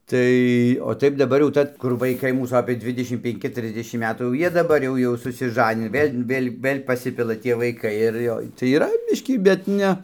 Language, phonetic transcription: Lithuanian, ˈtai o ˈtaip daˈbar jau ˈta kur vaiˈkai ˈmūs ˈapė ˈdvidešim penˈki ˈtrisdešim ˈmetų jau ˈjie daˈbar jau ˈjau susiˈžanini ˈvėl' ˈvėl' ˈvɘl' paˈsipila ˈtie vaiˈkai ir ˈjo tai yˈra ˈbiškį bet ˈne

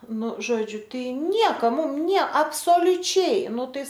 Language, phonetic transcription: Lithuanian, ˈnu ˈžodžiu ˈtai ˈnieka ˈmum ˈnie absoliuˈčiai ˈnu ˈtai

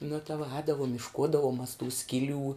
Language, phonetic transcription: Lithuanian, nu ta vuo ˈēdavum išˈkūdavum mas tų ˈskiˌlių

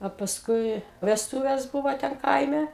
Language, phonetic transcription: Lithuanian, a pasˈkui vesˈtuves ˈbuvo ˈten ˈkaime

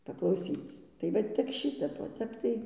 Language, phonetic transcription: Lithuanian, paklauˈsyc tai ˈva tik ˈšitep o ˈtep tai

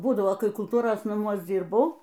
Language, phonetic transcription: Lithuanian, ˈbūdavo ˈkai kulˈtūros naˈmuos ˈdzyrbau

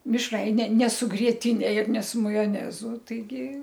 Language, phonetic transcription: Lithuanian, mišˈraine ne su grietiˈne ir ne su majoˈnezu taiˈgi

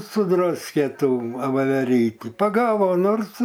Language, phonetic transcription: Lithuanian, suˈdraskė ˈtų vaveˈrytį paˈgavo nors

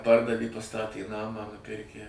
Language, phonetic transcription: Lithuanian, ˈpardavė paˈstatė ˈnamą nuˈpirkę

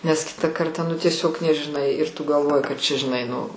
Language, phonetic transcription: Lithuanian, nes ˈkitą ˈkartą nu tieˈsiog nežiˈnai ir tu galˈvoji kad čia žiˈnai nu

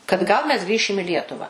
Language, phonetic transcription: Lithuanian, kad ˈgal mes ˈgrįšim i ˈlietuva

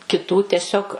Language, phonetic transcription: Lithuanian, kiˈtų teˈsiog

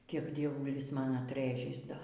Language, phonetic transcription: Lithuanian, ˈkiek dieˈvulis ˈman atˈrɘžis ˈdo

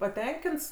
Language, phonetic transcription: Lithuanian, paˈtenkints

